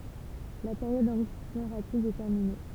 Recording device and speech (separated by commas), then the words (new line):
temple vibration pickup, read sentence
La période d'enrichissement rapide est terminée.